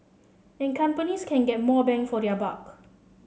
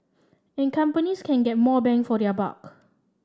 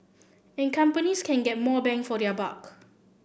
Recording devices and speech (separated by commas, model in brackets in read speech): mobile phone (Samsung C7), standing microphone (AKG C214), boundary microphone (BM630), read sentence